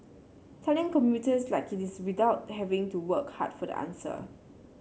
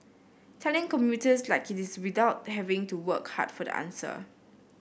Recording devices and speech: mobile phone (Samsung C7), boundary microphone (BM630), read sentence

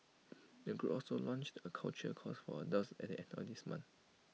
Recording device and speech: mobile phone (iPhone 6), read sentence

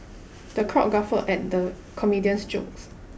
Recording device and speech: boundary microphone (BM630), read sentence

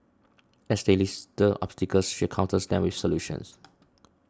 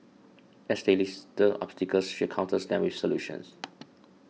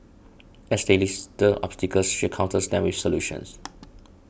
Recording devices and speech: standing microphone (AKG C214), mobile phone (iPhone 6), boundary microphone (BM630), read sentence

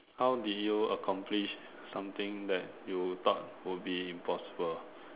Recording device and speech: telephone, conversation in separate rooms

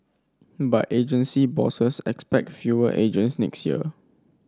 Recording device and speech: standing microphone (AKG C214), read sentence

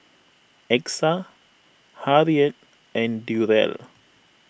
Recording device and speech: boundary microphone (BM630), read sentence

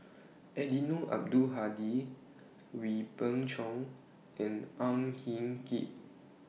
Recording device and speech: mobile phone (iPhone 6), read sentence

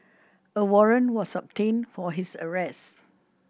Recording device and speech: boundary microphone (BM630), read sentence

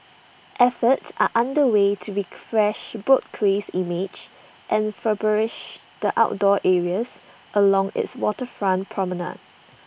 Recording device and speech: boundary microphone (BM630), read sentence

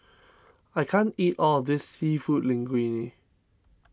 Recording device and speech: standing microphone (AKG C214), read sentence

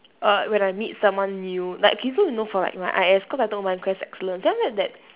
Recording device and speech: telephone, conversation in separate rooms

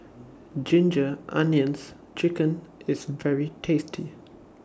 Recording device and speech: standing microphone (AKG C214), read sentence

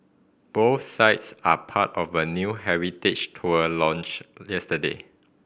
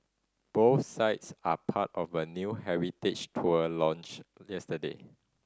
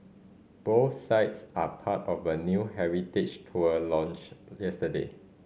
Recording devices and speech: boundary microphone (BM630), standing microphone (AKG C214), mobile phone (Samsung C5010), read sentence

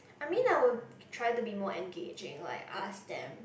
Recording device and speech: boundary microphone, conversation in the same room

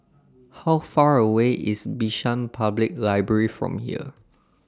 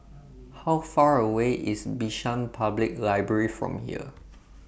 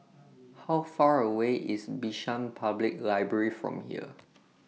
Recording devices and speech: standing microphone (AKG C214), boundary microphone (BM630), mobile phone (iPhone 6), read sentence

